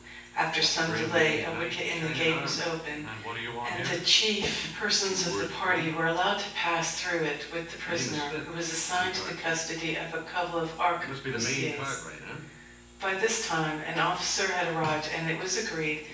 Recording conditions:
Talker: one person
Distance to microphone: 9.8 m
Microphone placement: far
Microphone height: 1.8 m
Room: large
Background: television

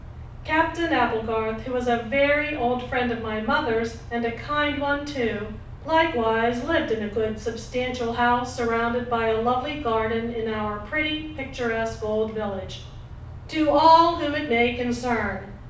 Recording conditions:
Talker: one person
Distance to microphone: 5.8 m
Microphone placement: far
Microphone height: 1.8 m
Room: medium-sized (5.7 m by 4.0 m)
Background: none

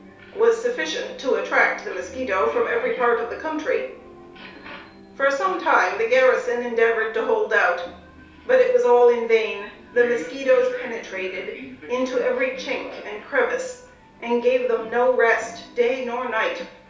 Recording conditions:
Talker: one person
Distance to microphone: 3.0 m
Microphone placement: far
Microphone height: 1.8 m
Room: small (3.7 m by 2.7 m)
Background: television

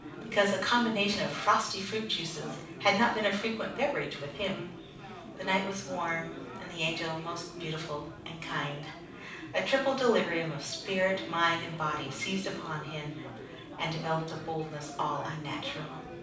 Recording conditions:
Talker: one person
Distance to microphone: 5.8 m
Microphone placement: far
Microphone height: 1.8 m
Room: medium-sized (5.7 m by 4.0 m)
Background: babble

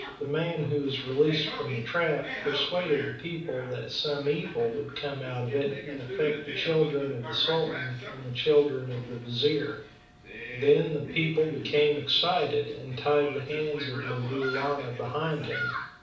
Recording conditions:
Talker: one person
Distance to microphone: 5.8 m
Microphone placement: far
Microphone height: 1.8 m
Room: medium-sized (5.7 m by 4.0 m)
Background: television

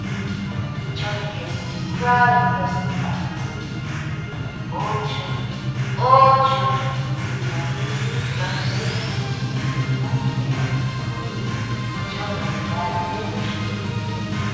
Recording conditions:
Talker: one person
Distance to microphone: 7.1 m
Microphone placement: far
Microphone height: 1.7 m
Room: very reverberant, large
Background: music

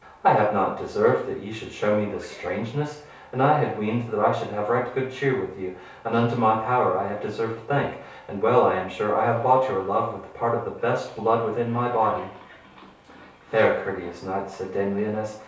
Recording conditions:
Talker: one person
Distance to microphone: 3.0 m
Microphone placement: far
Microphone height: 1.8 m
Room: small (3.7 m by 2.7 m)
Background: television

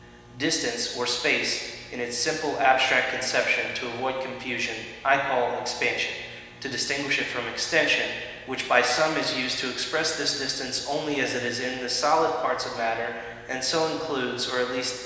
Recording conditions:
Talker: one person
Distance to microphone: 1.7 m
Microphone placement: close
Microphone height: 1.0 m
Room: very reverberant, large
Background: none

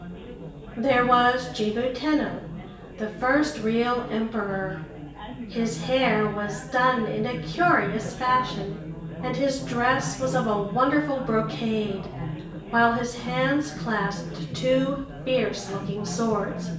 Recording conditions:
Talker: one person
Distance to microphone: 1.8 m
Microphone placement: close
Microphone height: 1.0 m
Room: large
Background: babble

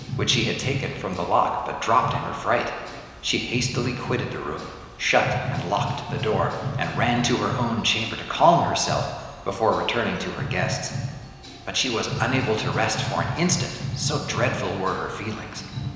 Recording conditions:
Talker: one person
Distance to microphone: 1.7 m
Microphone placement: close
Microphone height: 1.0 m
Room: very reverberant, large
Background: music

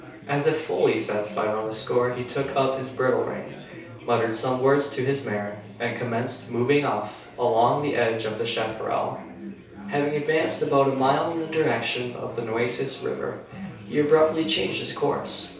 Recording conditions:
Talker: one person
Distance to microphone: 3.0 m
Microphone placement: far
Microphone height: 1.8 m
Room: small (3.7 m by 2.7 m)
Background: babble

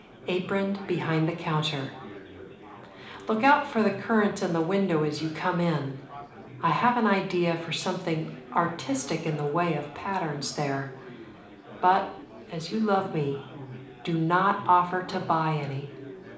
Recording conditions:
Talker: one person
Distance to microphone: 2.0 m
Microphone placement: close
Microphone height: 99 cm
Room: medium-sized (5.7 m by 4.0 m)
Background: babble

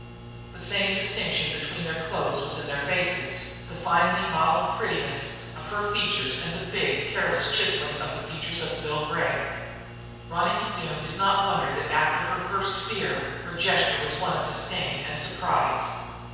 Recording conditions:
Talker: one person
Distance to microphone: 7.1 m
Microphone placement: far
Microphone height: 1.7 m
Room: very reverberant, large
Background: none

